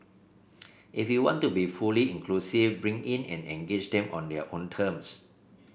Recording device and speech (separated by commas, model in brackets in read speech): boundary microphone (BM630), read sentence